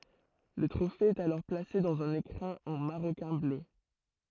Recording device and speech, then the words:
throat microphone, read sentence
Le trophée est alors placé dans un écrin en maroquin bleu.

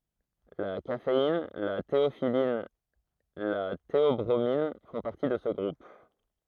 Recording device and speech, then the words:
throat microphone, read sentence
La caféine, la théophylline, la théobromine font partie de ce groupe.

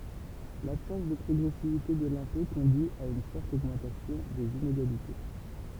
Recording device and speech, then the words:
temple vibration pickup, read sentence
L’absence de progressivité de l’impôt conduit à une forte augmentation des inégalités.

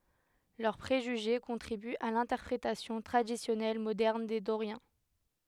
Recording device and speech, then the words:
headset microphone, read sentence
Leurs préjugés contribuent à l'interprétation traditionnelle moderne des Doriens.

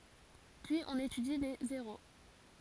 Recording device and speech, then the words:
forehead accelerometer, read sentence
Puis on étudie les zéros.

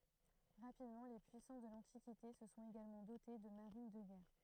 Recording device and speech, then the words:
throat microphone, read sentence
Rapidement, les puissances de l'Antiquité se sont également dotées de marines de guerre.

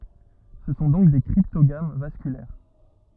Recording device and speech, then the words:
rigid in-ear microphone, read sentence
Ce sont donc des cryptogames vasculaires.

